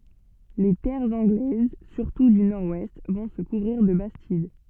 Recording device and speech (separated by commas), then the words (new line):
soft in-ear microphone, read sentence
Les terres anglaises, surtout du nord-ouest, vont se couvrir de bastides.